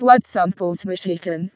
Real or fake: fake